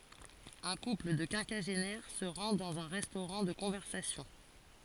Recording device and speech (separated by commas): forehead accelerometer, read sentence